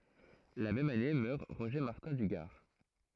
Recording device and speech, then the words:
throat microphone, read sentence
La même année meurt Roger Martin du Gard.

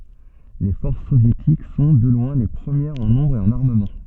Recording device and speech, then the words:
soft in-ear microphone, read sentence
Les forces soviétiques sont, de loin, les premières en nombre et en armement.

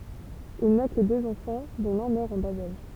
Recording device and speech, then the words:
temple vibration pickup, read sentence
Il n'a que deux enfants, dont l'un meurt en bas âge.

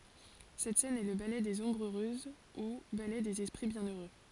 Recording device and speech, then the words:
forehead accelerometer, read sentence
Cette scène est le ballet des Ombres heureuses ou ballet des esprits bienheureux.

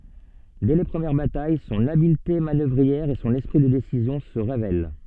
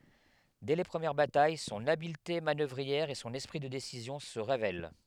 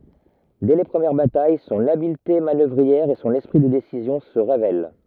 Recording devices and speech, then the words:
soft in-ear microphone, headset microphone, rigid in-ear microphone, read sentence
Dès les premières batailles, son habileté manœuvrière et son esprit de décision se révèlent.

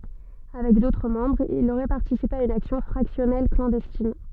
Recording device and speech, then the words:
soft in-ear microphone, read sentence
Avec d'autres membres, il aurait participé à une action fractionnelle clandestine.

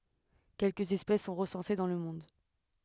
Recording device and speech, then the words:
headset microphone, read sentence
Quelque espèces sont recensées dans le monde.

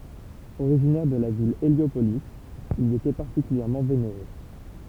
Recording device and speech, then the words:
temple vibration pickup, read sentence
Originaire de la ville Héliopolis, il y était particulièrement vénéré.

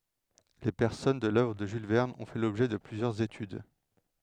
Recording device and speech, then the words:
headset microphone, read sentence
Les personnages de l’œuvre de Jules Verne ont fait l'objet de plusieurs études.

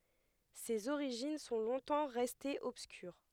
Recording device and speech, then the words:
headset microphone, read sentence
Ses origines sont longtemps restées obscures.

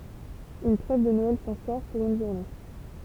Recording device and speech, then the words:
temple vibration pickup, read sentence
Une trêve de Noël s'instaure, pour une journée.

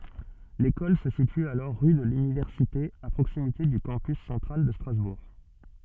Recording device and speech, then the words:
soft in-ear microphone, read sentence
L'école se situe alors rue de l'Université à proximité du Campus central de Strasbourg.

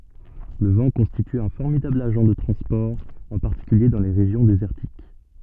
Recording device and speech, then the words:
soft in-ear microphone, read sentence
Le vent constitue un formidable agent de transport, en particulier dans les régions désertiques.

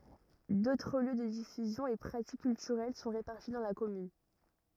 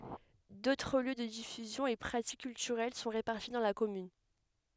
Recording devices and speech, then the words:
rigid in-ear microphone, headset microphone, read sentence
D'autres lieux de diffusion et pratique culturelle sont répartis dans la commune.

